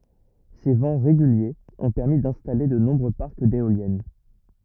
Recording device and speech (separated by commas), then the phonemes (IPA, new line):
rigid in-ear microphone, read sentence
se vɑ̃ ʁeɡyljez ɔ̃ pɛʁmi dɛ̃stale də nɔ̃bʁø paʁk deoljɛn